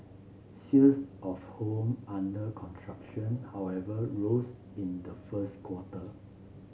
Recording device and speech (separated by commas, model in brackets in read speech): mobile phone (Samsung C7), read sentence